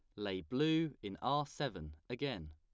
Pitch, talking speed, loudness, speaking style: 110 Hz, 155 wpm, -39 LUFS, plain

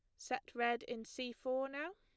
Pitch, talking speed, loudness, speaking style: 255 Hz, 205 wpm, -41 LUFS, plain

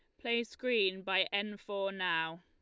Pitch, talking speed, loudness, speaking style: 200 Hz, 160 wpm, -34 LUFS, Lombard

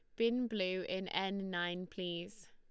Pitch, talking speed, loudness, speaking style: 190 Hz, 155 wpm, -38 LUFS, Lombard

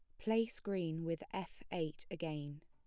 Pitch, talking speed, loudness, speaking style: 165 Hz, 150 wpm, -41 LUFS, plain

